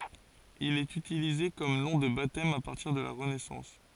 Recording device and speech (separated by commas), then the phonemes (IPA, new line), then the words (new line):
forehead accelerometer, read sentence
il ɛt ytilize kɔm nɔ̃ də batɛm a paʁtiʁ də la ʁənɛsɑ̃s
Il est utilisé comme nom de baptême à partir de la Renaissance.